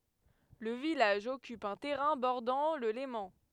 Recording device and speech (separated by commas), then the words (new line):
headset microphone, read sentence
Le village occupe un terrain bordant le Léman.